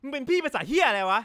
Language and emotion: Thai, angry